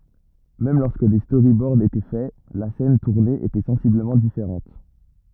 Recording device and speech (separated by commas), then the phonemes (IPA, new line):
rigid in-ear microphone, read sentence
mɛm lɔʁskə de stoʁibɔʁd etɛ fɛ la sɛn tuʁne etɛ sɑ̃sibləmɑ̃ difeʁɑ̃t